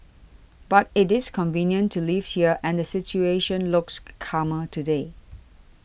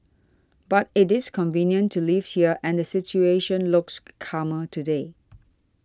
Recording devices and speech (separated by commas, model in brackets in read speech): boundary microphone (BM630), standing microphone (AKG C214), read sentence